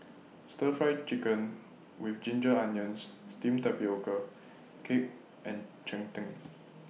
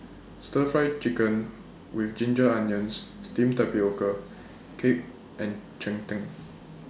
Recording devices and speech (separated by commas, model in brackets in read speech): mobile phone (iPhone 6), standing microphone (AKG C214), read sentence